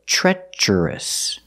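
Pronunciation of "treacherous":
In 'treacherous', the tr at the start sounds like the ch sound in 'chicken', and the first vowel is a short e, as in 'bed'. The ending 'ous' is pronounced like s.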